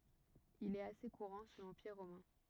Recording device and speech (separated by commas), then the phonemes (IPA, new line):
rigid in-ear microphone, read sentence
il ɛt ase kuʁɑ̃ su lɑ̃piʁ ʁomɛ̃